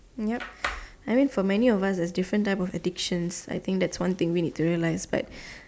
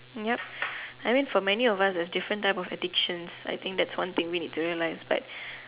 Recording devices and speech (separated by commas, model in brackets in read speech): standing microphone, telephone, conversation in separate rooms